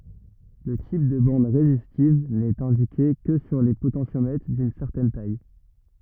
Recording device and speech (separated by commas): rigid in-ear microphone, read sentence